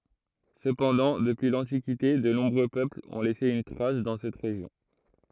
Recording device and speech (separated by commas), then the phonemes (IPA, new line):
throat microphone, read sentence
səpɑ̃dɑ̃ dəpyi lɑ̃tikite də nɔ̃bʁø pøplz ɔ̃ lɛse yn tʁas dɑ̃ sɛt ʁeʒjɔ̃